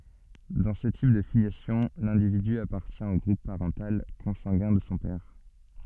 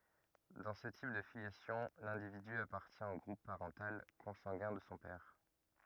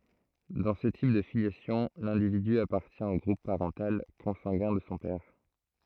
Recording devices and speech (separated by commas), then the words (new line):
soft in-ear microphone, rigid in-ear microphone, throat microphone, read sentence
Dans ce type de filiation, l'individu appartient au groupe parental consanguin de son père.